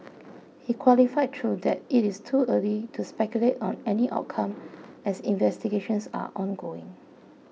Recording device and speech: mobile phone (iPhone 6), read sentence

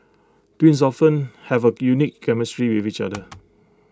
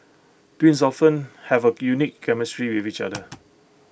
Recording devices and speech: close-talking microphone (WH20), boundary microphone (BM630), read sentence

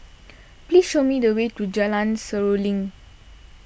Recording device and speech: boundary microphone (BM630), read sentence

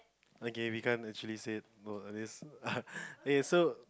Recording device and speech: close-talking microphone, conversation in the same room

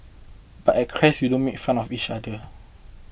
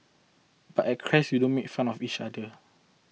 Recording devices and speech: boundary microphone (BM630), mobile phone (iPhone 6), read sentence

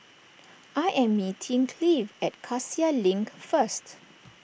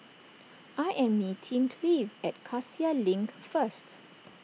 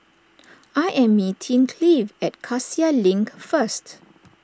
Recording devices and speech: boundary microphone (BM630), mobile phone (iPhone 6), standing microphone (AKG C214), read sentence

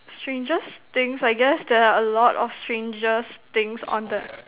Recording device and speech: telephone, conversation in separate rooms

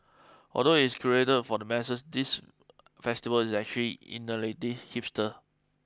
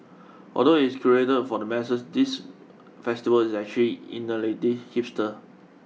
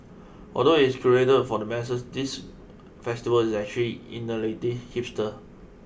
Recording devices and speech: close-talking microphone (WH20), mobile phone (iPhone 6), boundary microphone (BM630), read sentence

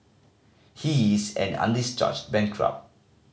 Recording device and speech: mobile phone (Samsung C5010), read sentence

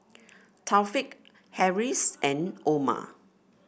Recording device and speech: boundary microphone (BM630), read sentence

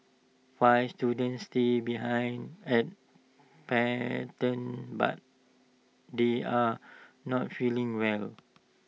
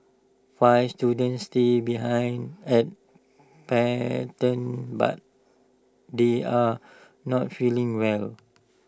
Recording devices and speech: mobile phone (iPhone 6), standing microphone (AKG C214), read sentence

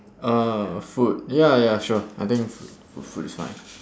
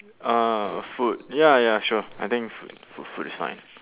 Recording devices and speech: standing microphone, telephone, conversation in separate rooms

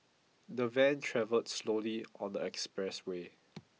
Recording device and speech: mobile phone (iPhone 6), read sentence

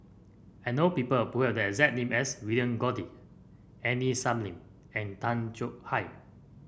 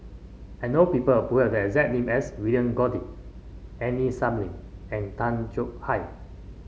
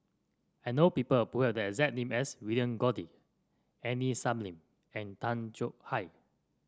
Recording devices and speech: boundary microphone (BM630), mobile phone (Samsung C5), standing microphone (AKG C214), read sentence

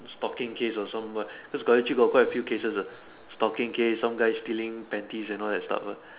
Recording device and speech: telephone, conversation in separate rooms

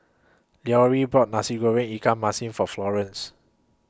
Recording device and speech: close-talking microphone (WH20), read sentence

